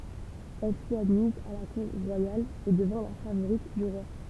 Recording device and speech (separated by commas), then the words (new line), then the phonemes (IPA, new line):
temple vibration pickup, read sentence
Elle fut admise à la cour royale et devint la favorite du roi.
ɛl fyt admiz a la kuʁ ʁwajal e dəvɛ̃ la favoʁit dy ʁwa